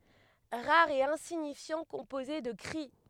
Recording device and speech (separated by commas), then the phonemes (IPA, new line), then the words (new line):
headset microphone, read sentence
ʁaʁ e ɛ̃siɲifjɑ̃ kɔ̃poze də kʁi
Rare et insignifiant, composé de cris.